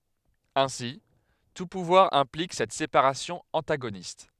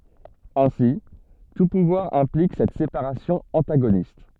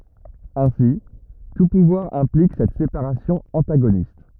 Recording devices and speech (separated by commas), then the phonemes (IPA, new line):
headset microphone, soft in-ear microphone, rigid in-ear microphone, read sentence
ɛ̃si tu puvwaʁ ɛ̃plik sɛt sepaʁasjɔ̃ ɑ̃taɡonist